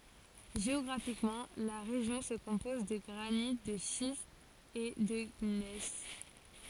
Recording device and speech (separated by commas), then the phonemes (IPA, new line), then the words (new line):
forehead accelerometer, read sentence
ʒeɔɡʁafikmɑ̃ la ʁeʒjɔ̃ sə kɔ̃pɔz də ɡʁanit də ʃistz e də ɲɛs
Géographiquement, la région se compose de granites, de schistes et de gneiss.